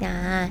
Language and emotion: Thai, neutral